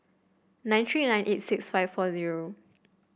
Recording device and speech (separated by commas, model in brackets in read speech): boundary microphone (BM630), read sentence